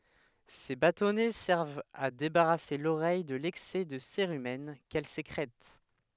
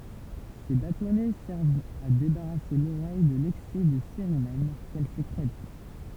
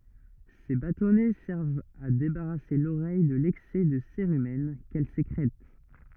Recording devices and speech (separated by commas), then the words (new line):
headset microphone, temple vibration pickup, rigid in-ear microphone, read sentence
Ces bâtonnets servent à débarrasser l'oreille de l'excès de cérumen qu'elle sécrète.